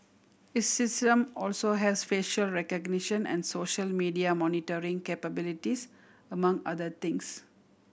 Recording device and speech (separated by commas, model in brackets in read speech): boundary microphone (BM630), read sentence